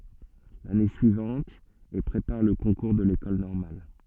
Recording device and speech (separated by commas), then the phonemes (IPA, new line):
soft in-ear microphone, read sentence
lane syivɑ̃t e pʁepaʁ lə kɔ̃kuʁ də lekɔl nɔʁmal